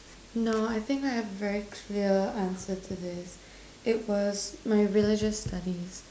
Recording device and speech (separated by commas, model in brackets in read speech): standing microphone, conversation in separate rooms